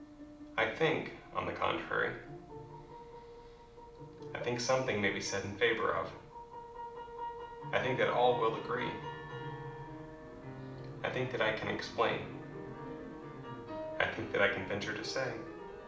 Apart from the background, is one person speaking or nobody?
One person.